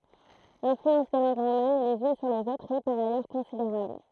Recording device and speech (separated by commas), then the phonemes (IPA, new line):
throat microphone, read sentence
lɛ̃flyɑ̃s de lɑ̃ɡ ʁoman lez yn syʁ lez otʁz ɛ paʁ ajœʁ kɔ̃sideʁabl